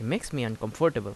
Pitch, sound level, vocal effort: 120 Hz, 83 dB SPL, normal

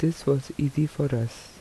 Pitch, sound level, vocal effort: 145 Hz, 76 dB SPL, soft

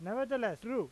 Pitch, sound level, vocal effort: 235 Hz, 95 dB SPL, loud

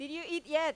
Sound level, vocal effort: 97 dB SPL, very loud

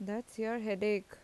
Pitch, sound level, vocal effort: 210 Hz, 85 dB SPL, normal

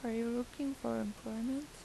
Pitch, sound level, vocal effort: 235 Hz, 81 dB SPL, soft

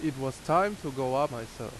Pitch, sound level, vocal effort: 135 Hz, 88 dB SPL, loud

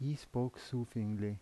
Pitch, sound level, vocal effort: 120 Hz, 80 dB SPL, soft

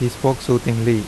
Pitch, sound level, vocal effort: 120 Hz, 83 dB SPL, normal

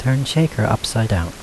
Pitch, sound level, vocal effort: 115 Hz, 77 dB SPL, soft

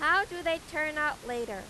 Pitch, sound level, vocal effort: 300 Hz, 98 dB SPL, loud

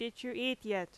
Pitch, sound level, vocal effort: 235 Hz, 87 dB SPL, very loud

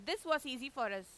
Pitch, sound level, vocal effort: 265 Hz, 96 dB SPL, loud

